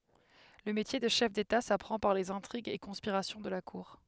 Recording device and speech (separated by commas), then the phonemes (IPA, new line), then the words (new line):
headset microphone, read sentence
lə metje də ʃɛf deta sapʁɑ̃ paʁ lez ɛ̃tʁiɡz e kɔ̃spiʁasjɔ̃ də la kuʁ
Le métier de chef d'État s'apprend par les intrigues et conspirations de la cour.